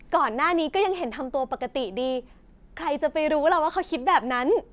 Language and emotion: Thai, happy